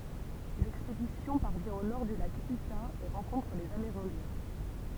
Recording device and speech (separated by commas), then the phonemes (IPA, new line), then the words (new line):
temple vibration pickup, read sentence
lɛkspedisjɔ̃ paʁvjɛ̃ o nɔʁ dy lak yta e ʁɑ̃kɔ̃tʁ lez ameʁɛ̃djɛ̃
L’expédition parvient au nord du lac Utah et rencontre les Amérindiens.